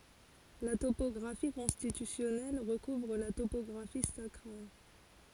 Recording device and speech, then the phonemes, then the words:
forehead accelerometer, read sentence
la topɔɡʁafi kɔ̃stitysjɔnɛl ʁəkuvʁ la topɔɡʁafi sakʁal
La topographie constitutionnelle recouvre la topographie sacrale.

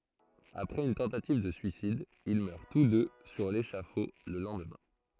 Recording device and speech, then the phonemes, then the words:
throat microphone, read sentence
apʁɛz yn tɑ̃tativ də syisid il mœʁ tus dø syʁ leʃafo lə lɑ̃dmɛ̃
Après une tentative de suicide, ils meurent tous deux sur l'échafaud le lendemain.

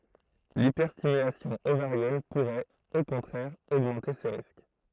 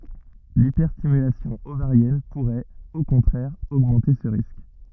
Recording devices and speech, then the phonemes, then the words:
throat microphone, rigid in-ear microphone, read sentence
lipɛʁstimylasjɔ̃ ovaʁjɛn puʁɛt o kɔ̃tʁɛʁ oɡmɑ̃te sə ʁisk
L'hyperstimulation ovarienne pourrait, au contraire, augmenter ce risque.

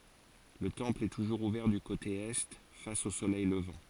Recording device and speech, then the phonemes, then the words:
forehead accelerometer, read sentence
lə tɑ̃pl ɛ tuʒuʁz uvɛʁ dy kote ɛ fas o solɛj ləvɑ̃
Le temple est toujours ouvert du côté Est, face au soleil levant.

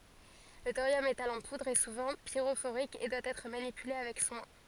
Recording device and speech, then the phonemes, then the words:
forehead accelerometer, read sentence
lə toʁjɔm metal ɑ̃ pudʁ ɛ suvɑ̃ piʁofoʁik e dwa ɛtʁ manipyle avɛk swɛ̃
Le thorium métal en poudre est souvent pyrophorique et doit être manipulé avec soin.

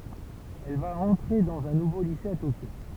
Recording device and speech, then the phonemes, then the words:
temple vibration pickup, read sentence
ɛl va ɑ̃tʁe dɑ̃z œ̃ nuvo lise a tokjo
Elle va entrer dans un nouveau lycée à Tokyo.

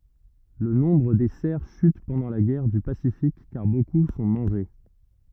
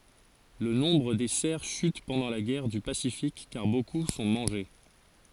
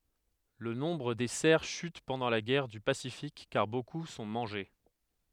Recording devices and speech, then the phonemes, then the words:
rigid in-ear microphone, forehead accelerometer, headset microphone, read sentence
lə nɔ̃bʁ de sɛʁ ʃyt pɑ̃dɑ̃ la ɡɛʁ dy pasifik kaʁ boku sɔ̃ mɑ̃ʒe
Le nombre des cerfs chute pendant la guerre du Pacifique car beaucoup sont mangés.

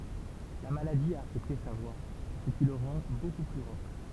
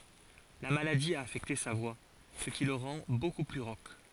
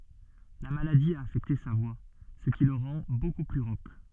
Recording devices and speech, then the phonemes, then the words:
temple vibration pickup, forehead accelerometer, soft in-ear microphone, read sentence
la maladi a afɛkte sa vwa sə ki lə ʁɑ̃ boku ply ʁok
La maladie a affecté sa voix, ce qui le rend beaucoup plus rauque.

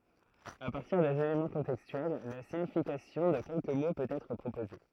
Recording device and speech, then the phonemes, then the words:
throat microphone, read sentence
a paʁtiʁ dez elemɑ̃ kɔ̃tɛkstyɛl la siɲifikasjɔ̃ də kɛlkə mo pøt ɛtʁ pʁopoze
À partir des éléments contextuels, la signification de quelques mots peut être proposée.

